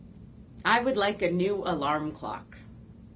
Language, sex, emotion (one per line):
English
female
neutral